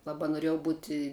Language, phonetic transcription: Lithuanian, ˈlaba noˈriejau ˈbuti

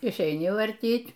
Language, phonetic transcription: Lithuanian, išeiˈni varˈtyt'

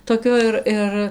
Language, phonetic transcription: Lithuanian, toˈkio ir ˈir

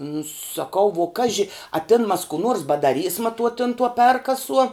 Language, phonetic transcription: Lithuanian, nu saˈkau vuo ˈkaži a ˈtin mas kų ˈnuors badaˈrysma tuo tin tuo ˈperkasuo

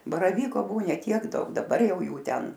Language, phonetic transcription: Lithuanian, baraˈvyko ˈbuo ˈne tiek ˈdaug daˈbar ˈjau ˈjų ˈten

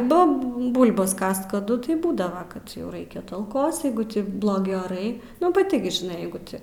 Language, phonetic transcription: Lithuanian, ˈbub ˈbulbas ˈkast kaˈdu tai ˈbūdava kad jau ˈraikia ˈtalkos ˈjeigu ˈti bloˈgi oˈrai nu paˈti gi žiˈnai ˈjeigu ˈti

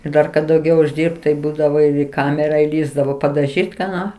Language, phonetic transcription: Lithuanian, ir ˈdar kad dauˈgiau užˈdirbt tai ˈbūdavo į ˈkamera įˈlįsdavo padaˈžyt' ką ˈno

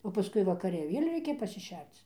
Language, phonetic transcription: Lithuanian, o paˈskui vakaˈre i ˈvėl' ˈreikia pasiˈšerc

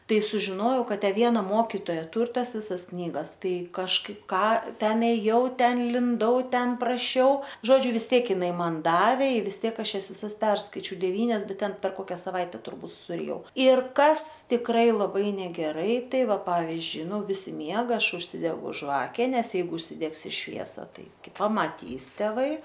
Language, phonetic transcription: Lithuanian, ˈtai sužiˈnojau ˈkad ˈtę ˈviena ˈmokitoja ˈtūr ˈtas ˈvisas ˈknygas ˈtai kažˈkaip ˈką ˈten ėˈjau ˈten linˈdau ˈten praˈšiau ˈžodžiu vis ˈtiek iˈnai ˈman ˈdavė i vis ˈtiek ˈaš ˈjas viˈsas ˈperskaičiau deˈvynias ˈbet ˈten per ˈkokia saˈvaitę turˈbūt suriˈjau ˈir ˈkas tikˈrai laˈbai negeˈrai ˈtai ˈva ˈpavizdžiui ˈnu ˈvisi ˈmiega ˈaš užˈsidegu ˈžvake ˈnes ˈjeigu užsiˈdegsi ˈšviesą ˈtai ˈkai pamaˈtys ˈtėˈvai

